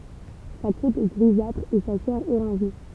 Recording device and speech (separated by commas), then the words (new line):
temple vibration pickup, read sentence
Sa croûte est grisâtre et sa chair orangée.